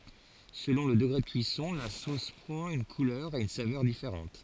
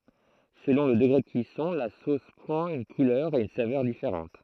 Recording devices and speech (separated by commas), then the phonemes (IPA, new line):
forehead accelerometer, throat microphone, read sentence
səlɔ̃ lə dəɡʁe də kyisɔ̃ la sos pʁɑ̃t yn kulœʁ e yn savœʁ difeʁɑ̃t